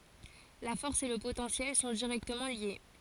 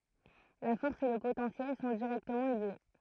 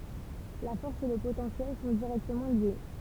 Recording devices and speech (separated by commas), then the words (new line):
forehead accelerometer, throat microphone, temple vibration pickup, read sentence
La force et le potentiel sont directement liés.